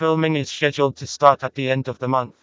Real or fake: fake